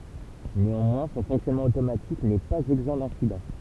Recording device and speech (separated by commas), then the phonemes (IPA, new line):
temple vibration pickup, read sentence
neɑ̃mwɛ̃ sɔ̃ fɔ̃ksjɔnmɑ̃ otomatik nɛ paz ɛɡzɑ̃ dɛ̃sidɑ̃